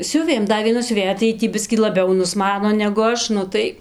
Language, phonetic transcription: Lithuanian, ˈsiuvėm ˈda vieˈna siuˈvėja tai ˈjy tį ˈbiskį laˈbiau nusˈmano negu ˈaš ˈnu tai

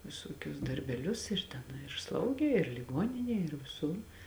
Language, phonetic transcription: Lithuanian, viˈsuokius darbeˈlius ir ˈten ir ˈslaugė ir liˈgoninėj ir viˈsur

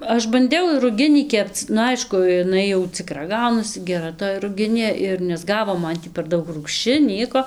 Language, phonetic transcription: Lithuanian, ˈaš banˈdiau ir ruˈginį ˈkepc nu ˈaišku iˈnai jau ciˈkra ˈgaunasi geˈra toj ruˈginė ir nesˈgavo ˈman tį per ˈdaug rūgšˈči ˈnieko

